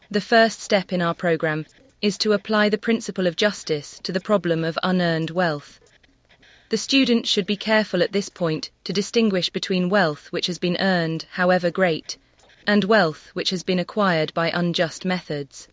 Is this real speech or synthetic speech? synthetic